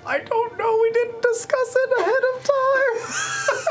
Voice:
high-pitched